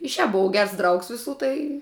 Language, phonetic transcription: Lithuanian, i šiāp buˈvau ˈgers ˈdraugs viˈsų tai

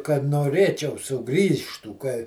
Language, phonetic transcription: Lithuanian, kad noˈrėčiau suˈgrįžtų ka

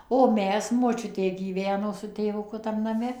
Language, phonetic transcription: Lithuanian, o ˈmes moˈčiutė gyˈveno su tėvuˈku tam naˈme

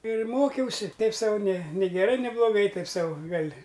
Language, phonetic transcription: Lithuanian, ir ˈmokiausi ˈteip ˈsau nė nė geˈrai nė bloˈgai ˈtaip ˈsau ˈgal'

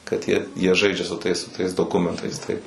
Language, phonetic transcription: Lithuanian, kad ˈjie jie ˈžaidžia su ˈtais su ˈtais doˈkumentais ˈtaip

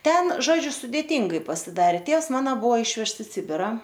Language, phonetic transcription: Lithuanian, ˈten ˈžodžiu sudėˈyngai pasiˈdarė ˈtėvs ˈmana ˈbuvo ˈišvežts i ˈsibira

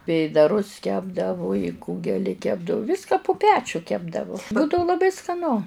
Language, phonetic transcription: Lithuanian, ˈvėdarus ˈkepdavu ˈkūgeli ˈkepdavu ˈvyska pu ˈpečiu ˈkepdavo ˈbūdavu laˈbai skaˈnu

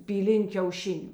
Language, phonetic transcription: Lithuanian, pyˈlin' kiauˈšiniu

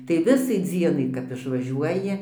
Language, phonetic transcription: Lithuanian, tai ˈvisai ˈdzienai kap išvaˈžiuoji

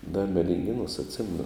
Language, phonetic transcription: Lithuanian, da medinˈgėnuos atˈsimenu

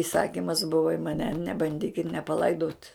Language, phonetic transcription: Lithuanian, iˈsakimas ˈbuva i maˈne nebanˈdykit nepaˈlaidot

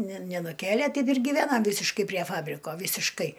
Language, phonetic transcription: Lithuanian, ne nenuˈkėlė ˈteip ir gyˈvenam ˈvysiškai prie ˈfabriko vysišˈkai

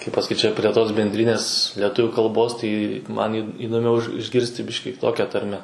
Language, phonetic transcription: Lithuanian, kaip pasaˈkyt ˈčia prie ˈtos benˈdrinės leˈtuvių kalˈbos tai ˈman į įdoˈmiau iš išˈgirsti ˈbiškį kiˈtokia ˈtarme

